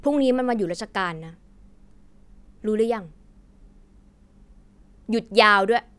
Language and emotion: Thai, angry